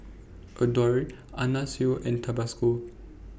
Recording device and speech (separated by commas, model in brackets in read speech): boundary microphone (BM630), read sentence